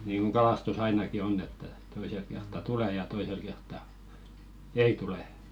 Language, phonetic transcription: Finnish, niiŋɢuŋ 'ɢalàstu's ‿ainaki "onn ‿että , 'toiselk kertta "tule ja toisel kertta , "ei "tule .
- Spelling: niin kuin kalastus ainakin on että toisella kertaa tulee ja toisella kertaa ei tule

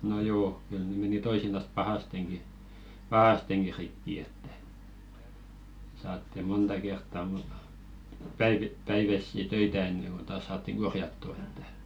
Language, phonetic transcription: Finnish, no 'joo , kyl ne meni 'toisinas 'pahasteŋki , "pahasteŋki 'rikki ettᴀ̈ , saatti 'monta kertta muɴ , 'päivi- "päivässi 'töitä enneŋ ɢon taas 'saattiŋ 'ɢorjattu ᴇttᴀ̈ .
- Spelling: no joo kyllä ne meni toisinaan pahastikin pahastikin rikki että saatiin monta kertaa moni - päiväisiä töitä ennen kuin taas saatiin korjattua että

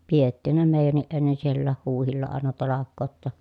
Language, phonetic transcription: Finnish, piettìhän ne mèijänniʼ ʼennen siellääh huuhilla àena talakkoot ‿ta .
- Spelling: pidettiinhän ne meidänkin ennen siellä huhdilla aina talkoot jotta

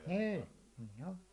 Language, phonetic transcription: Finnish, 'ni̬i̬ , niin̬ ‿o .
- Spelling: niin niin on

